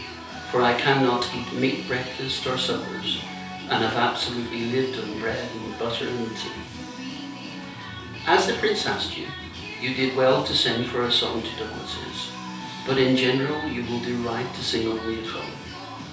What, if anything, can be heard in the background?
Music.